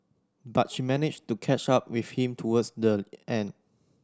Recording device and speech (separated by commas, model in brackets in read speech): standing microphone (AKG C214), read sentence